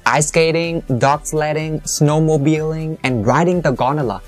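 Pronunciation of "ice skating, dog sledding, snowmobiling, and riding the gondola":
The last item, 'gondola', is pressed and said firmly, which marks the end of the list.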